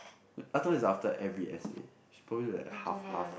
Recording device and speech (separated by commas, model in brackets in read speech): boundary microphone, conversation in the same room